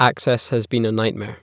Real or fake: real